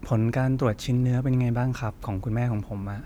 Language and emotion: Thai, neutral